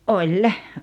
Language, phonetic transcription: Finnish, ’oĺ .
- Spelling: oli

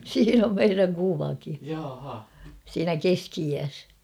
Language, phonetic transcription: Finnish, siin ‿om 'meiräŋ 'kuvaki , 'siinä "keski₍iäs .
- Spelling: siinä on meidän kuvakin siinä keski-iässä

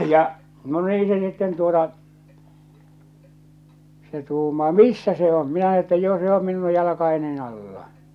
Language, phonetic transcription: Finnish, ja , no 'nii se sitten tuota , se 'tuumaa » "missä se om ? « minä että » 'jo se om 'minu 'jalakaenin ‿alla « .
- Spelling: ja no niin se sitten tuota se tuumaa missä se on minä että jo se on minun jalkojeni alla

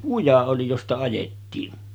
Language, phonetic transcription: Finnish, 'kuja oli 'josta ajettiin .
- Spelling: kuja oli josta ajettiin

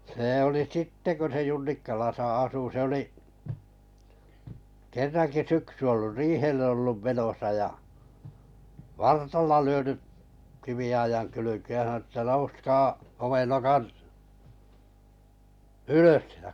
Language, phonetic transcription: Finnish, see oli 'sitte ko se Junnikkaalasa 'asu se 'oli’ , 'kerraŋki 'syksy ollu 'riihellᵉ 'ollum menosa ja , "vartalla 'lyöny’ , kivi₍aijaŋ 'kylykeej ja sanᵒnu ᵊttä » nouskaa , 'homennokat , "ylös (si-) .
- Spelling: se oli sitten kun se Junnikkalassa asui se oli kerrankin syksy ollut riihelle ollut menossa ja vartalla lyönyt kiviaidan kylkeen ja sanonut että nouskaa homenokat ylös -

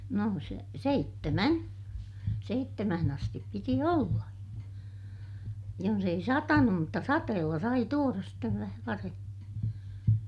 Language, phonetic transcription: Finnish, no se- , seittemän , seittemähän ‿astip piti olla , jons ‿ei satanum mutta sateella sai tuoras stev vähä varemmin̬ .
- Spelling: no - seitsemän seitsemään asti piti olla jos ei satanut mutta sateella sai tuoda sitten vähän varhemmin

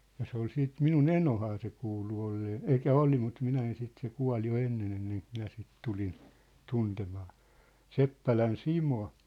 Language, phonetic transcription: Finnish, ja se ‿ol 'siit 'minu"n ‿enohaa se kuulu ollee , 'elĭk̆kä "oli mut 'minä en sit se 'kua̭l jo 'ennen ‿enneŋk 'minä sit 'tulin , 'tuntemaa , "Seppälän "Simo .
- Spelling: ja se oli sitten minun enohan se kuului olleen eli oli mutta minä en sitten se kuoli jo ennen ennen kuin minä sitten tulin tuntemaan Seppälän Simon

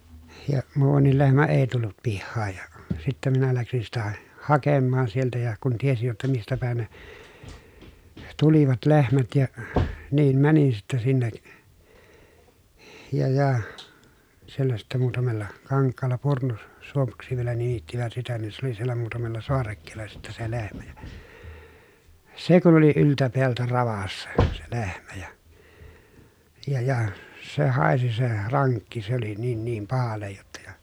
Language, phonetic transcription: Finnish, ja , muuvannil lehmä èi̮ tullut pihhaaj ja , sittä minä läksin sitä , hakemmaan sieltä ja , kun tiesij jotta mistä pä̀i̮n ne , tulivat lehmät ja , niim mänin sittɛ sinnek , ja ja , siellä sitte muutamella , kaŋkkaalla Purnu- , -suomuksi vielä nimittivät sitä nin se ‿oli siellä muutamella soarekkeella sitte se lehmä jA , se kun oli yltä peältä ravassa , se lehmä ja , ja ja , se hàesi se raŋkki se ‿oli niin niim pahallej jotta ja ,.
- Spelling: ja muuankin lehmä ei tullut pihaan ja sitten minä lähdin sitä hakemaan sieltä ja kun tiesin jotta mistä päin ne tulivat lehmät ja niin menin sitten sinne ja ja siellä sitten muutamalla kankaalla - Purnusuomuksi vielä nimittivät sitä niin se oli siellä muutamalla saarekkeella sitten se lehmä ja se kun oli yltä päältä ravassa se lehmä ja ja ja se haisi se rankki se oli niin niin pahalle jotta ja

